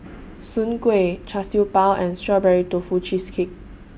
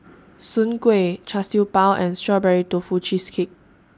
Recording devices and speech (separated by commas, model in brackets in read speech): boundary microphone (BM630), standing microphone (AKG C214), read sentence